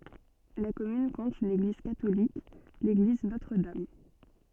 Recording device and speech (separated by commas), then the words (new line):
soft in-ear microphone, read sentence
La commune compte une église catholique, l'église Notre-Dame.